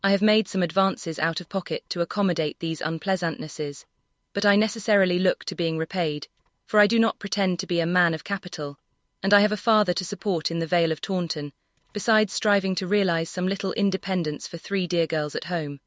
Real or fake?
fake